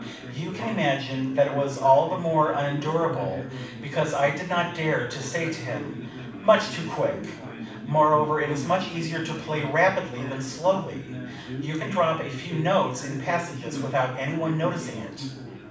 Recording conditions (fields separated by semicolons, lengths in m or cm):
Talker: one person; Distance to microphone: 5.8 m; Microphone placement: far; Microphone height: 1.8 m; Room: medium-sized (5.7 m by 4.0 m); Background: babble